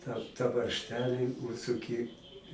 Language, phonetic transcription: Lithuanian, tą ta varžˈtelį užsuˈki

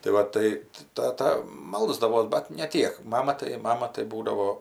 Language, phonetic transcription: Lithuanian, tai ˈva tai tai ˈtata ˈmalsdavos ˈbat ne ˈtiek ˈmama tai ˈmama tai ˈbūdavo

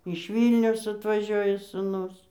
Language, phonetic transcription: Lithuanian, iš ˈvylniaus atvaˈžioja sūˈnus

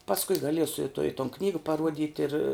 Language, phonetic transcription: Lithuanian, pasˈkui gaˈliesu i to i ton ˈknyga paˈruodit' ir

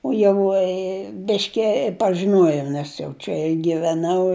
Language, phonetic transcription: Lithuanian, u ˈjau i ˈbiški pažiˈnuojau ˈnes jau čia i giveˈnau

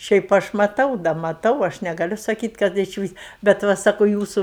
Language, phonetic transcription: Lithuanian, ˈšiaip ˈaš maˈtau da maˈtau ˈaš negaˈliu saˈkyt' kad išˈvis bet ˈva ˈsaku ˈjūsų

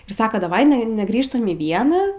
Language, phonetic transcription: Lithuanian, ir ˈsaka daˈvai ˈne neˈgrįžtam į ˈvieną

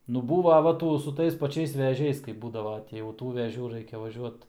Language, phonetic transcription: Lithuanian, nu ˈbūva ˈva ˈtų su ˈtais paˈčiais veˈžiais kaip ˈbūdava ti jau ˈtų veˈžių ˈraikia vaˈžiuot

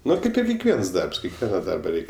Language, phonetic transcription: Lithuanian, ˈnu ˈkaip ir kekˈviens ˈdarbs kekˈviena ˈdarba ˈreik'

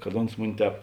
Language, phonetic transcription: Lithuanian, kad ˈons ˈmuni ˈtēp

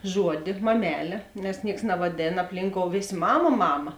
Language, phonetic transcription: Lithuanian, ˈžuodi maˈmelė nes ˈnieks navaˈdėn apˈlynkou ˈvės' ˈmama ˈmama

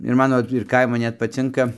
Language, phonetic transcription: Lithuanian, ir ˈmano ir ˈkaimu ˈnet paˈcinka

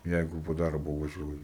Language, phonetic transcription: Lithuanian, ˈjeigu po ˈdarbo vaˈžiuoji

